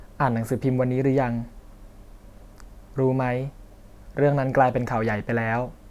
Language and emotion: Thai, neutral